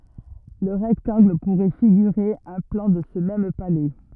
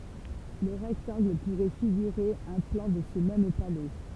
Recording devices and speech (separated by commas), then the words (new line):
rigid in-ear microphone, temple vibration pickup, read sentence
Le rectangle pourrait figurer un plan de ce même palais.